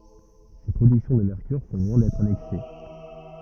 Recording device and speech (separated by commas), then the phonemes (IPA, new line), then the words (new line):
rigid in-ear microphone, read sentence
se pʁodyksjɔ̃ də mɛʁkyʁ sɔ̃ lwɛ̃ dɛtʁ anɛks
Ces productions de mercure sont loin d'être annexes.